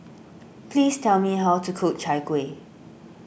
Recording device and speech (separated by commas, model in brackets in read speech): boundary microphone (BM630), read sentence